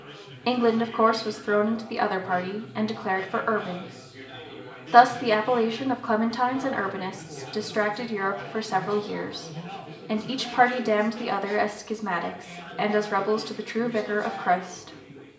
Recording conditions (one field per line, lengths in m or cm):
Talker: one person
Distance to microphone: 1.8 m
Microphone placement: close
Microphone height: 1.0 m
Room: large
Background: babble